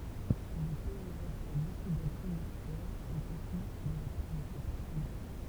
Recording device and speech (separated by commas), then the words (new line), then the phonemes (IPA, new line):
temple vibration pickup, read sentence
Le pays reçoit beaucoup d'aide financière et technique de la part de ses partenaires.
lə pɛi ʁəswa boku dɛd finɑ̃sjɛʁ e tɛknik də la paʁ də se paʁtənɛʁ